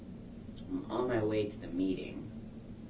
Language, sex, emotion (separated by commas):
English, female, disgusted